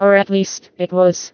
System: TTS, vocoder